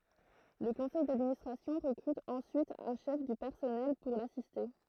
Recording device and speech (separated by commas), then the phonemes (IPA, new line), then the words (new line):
throat microphone, read sentence
lə kɔ̃sɛj dadministʁasjɔ̃ ʁəkʁyt ɑ̃syit œ̃ ʃɛf dy pɛʁsɔnɛl puʁ lasiste
Le conseil d'administration recrute ensuite un chef du personnel pour l’assister.